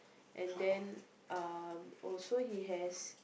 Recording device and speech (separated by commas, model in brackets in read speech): boundary microphone, conversation in the same room